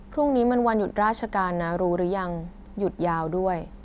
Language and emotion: Thai, neutral